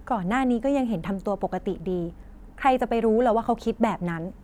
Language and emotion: Thai, neutral